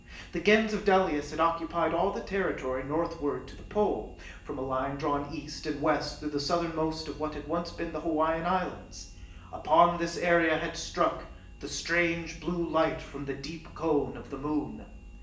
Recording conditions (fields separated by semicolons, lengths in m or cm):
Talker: one person; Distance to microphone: 1.8 m; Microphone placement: close; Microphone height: 1.0 m; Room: large; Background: none